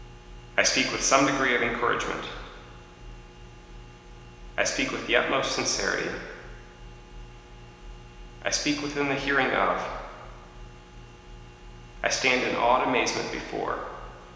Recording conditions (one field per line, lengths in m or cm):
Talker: one person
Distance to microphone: 1.7 m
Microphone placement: close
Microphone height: 1.0 m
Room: very reverberant, large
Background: none